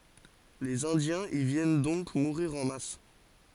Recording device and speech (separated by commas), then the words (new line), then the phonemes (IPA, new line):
forehead accelerometer, read sentence
Les Indiens y viennent donc mourir en masse.
lez ɛ̃djɛ̃z i vjɛn dɔ̃k muʁiʁ ɑ̃ mas